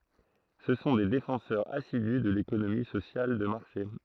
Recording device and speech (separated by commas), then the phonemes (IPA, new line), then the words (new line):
throat microphone, read sentence
sə sɔ̃ de defɑ̃sœʁz asidy də lekonomi sosjal də maʁʃe
Ce sont des défenseurs assidus de l'économie sociale de marché.